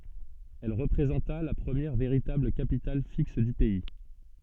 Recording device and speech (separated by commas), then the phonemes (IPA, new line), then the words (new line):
soft in-ear microphone, read sentence
ɛl ʁəpʁezɑ̃ta la pʁəmjɛʁ veʁitabl kapital fiks dy pɛi
Elle représenta la première véritable capitale fixe du pays.